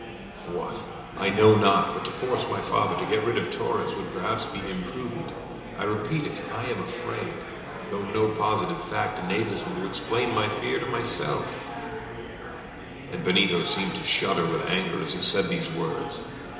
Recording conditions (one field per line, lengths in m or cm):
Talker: one person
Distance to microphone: 1.7 m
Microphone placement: close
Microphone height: 1.0 m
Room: very reverberant, large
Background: babble